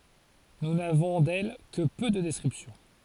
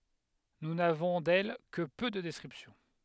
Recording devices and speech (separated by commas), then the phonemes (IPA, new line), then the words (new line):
forehead accelerometer, headset microphone, read sentence
nu navɔ̃ dɛl kə pø də dɛskʁipsjɔ̃
Nous n'avons d'elle que peu de descriptions.